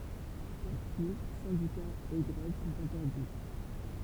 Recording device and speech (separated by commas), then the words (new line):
temple vibration pickup, read sentence
Partis, syndicats et grèves sont interdits.